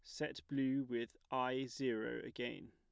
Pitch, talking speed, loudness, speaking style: 130 Hz, 145 wpm, -41 LUFS, plain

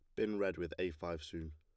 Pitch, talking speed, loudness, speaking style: 85 Hz, 270 wpm, -40 LUFS, plain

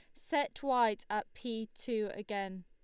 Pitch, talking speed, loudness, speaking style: 220 Hz, 150 wpm, -36 LUFS, Lombard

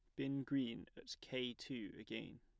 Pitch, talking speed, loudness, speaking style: 130 Hz, 165 wpm, -45 LUFS, plain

